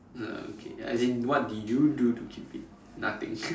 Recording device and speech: standing microphone, conversation in separate rooms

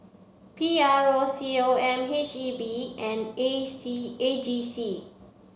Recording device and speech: mobile phone (Samsung C7), read sentence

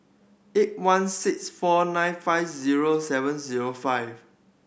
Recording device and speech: boundary microphone (BM630), read sentence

